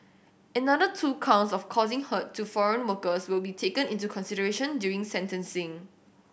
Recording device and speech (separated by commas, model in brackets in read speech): boundary microphone (BM630), read sentence